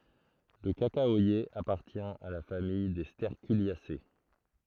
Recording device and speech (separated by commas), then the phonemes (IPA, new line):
throat microphone, read sentence
lə kakawaje apaʁtjɛ̃ a la famij de stɛʁkyljase